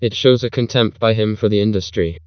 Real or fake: fake